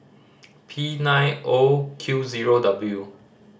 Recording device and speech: standing microphone (AKG C214), read sentence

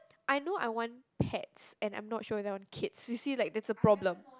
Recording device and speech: close-talking microphone, conversation in the same room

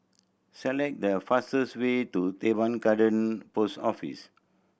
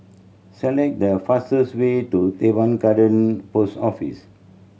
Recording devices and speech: boundary microphone (BM630), mobile phone (Samsung C7100), read sentence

